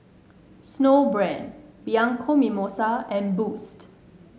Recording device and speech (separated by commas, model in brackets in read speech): mobile phone (Samsung S8), read sentence